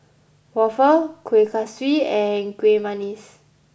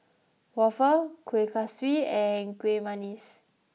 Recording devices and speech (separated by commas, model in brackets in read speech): boundary microphone (BM630), mobile phone (iPhone 6), read sentence